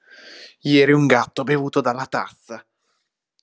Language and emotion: Italian, angry